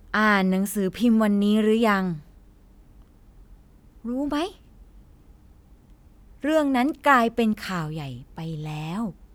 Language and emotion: Thai, frustrated